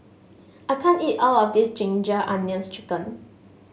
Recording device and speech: mobile phone (Samsung S8), read sentence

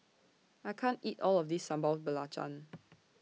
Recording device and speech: mobile phone (iPhone 6), read sentence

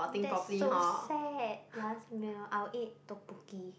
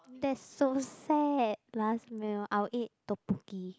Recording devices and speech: boundary microphone, close-talking microphone, conversation in the same room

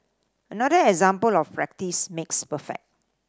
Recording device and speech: standing microphone (AKG C214), read sentence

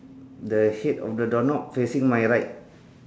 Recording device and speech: standing microphone, conversation in separate rooms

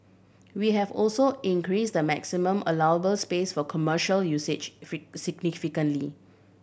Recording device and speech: boundary microphone (BM630), read sentence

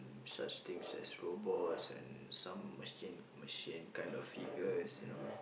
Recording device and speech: boundary microphone, conversation in the same room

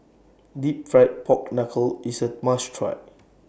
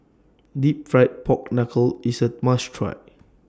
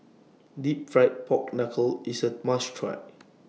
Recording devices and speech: boundary microphone (BM630), standing microphone (AKG C214), mobile phone (iPhone 6), read sentence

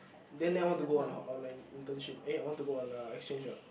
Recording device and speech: boundary microphone, conversation in the same room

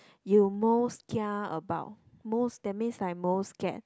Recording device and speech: close-talking microphone, conversation in the same room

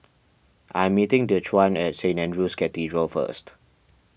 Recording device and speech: boundary microphone (BM630), read sentence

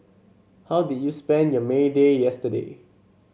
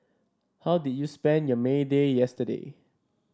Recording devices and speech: mobile phone (Samsung C7), standing microphone (AKG C214), read sentence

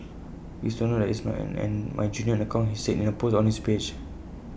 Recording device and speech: boundary microphone (BM630), read sentence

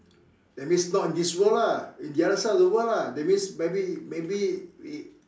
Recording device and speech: standing microphone, conversation in separate rooms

